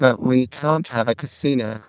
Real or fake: fake